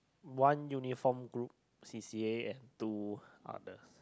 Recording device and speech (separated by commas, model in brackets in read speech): close-talking microphone, conversation in the same room